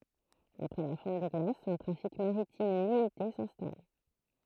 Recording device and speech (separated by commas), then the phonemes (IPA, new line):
throat microphone, read sentence
apʁɛ la fɔ̃t de ɡlasz œ̃ tʁafik maʁitim limite sɛ̃stal